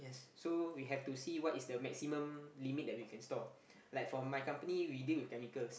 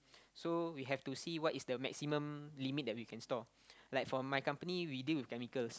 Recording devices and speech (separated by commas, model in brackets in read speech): boundary microphone, close-talking microphone, conversation in the same room